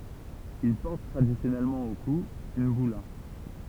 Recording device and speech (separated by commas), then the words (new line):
temple vibration pickup, read sentence
Il porte traditionnellement au cou une bulla.